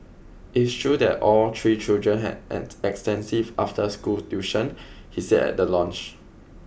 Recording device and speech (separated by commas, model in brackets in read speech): boundary microphone (BM630), read sentence